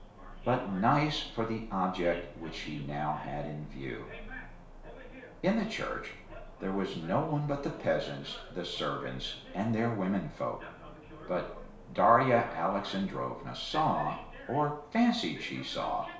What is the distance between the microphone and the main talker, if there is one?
1.0 m.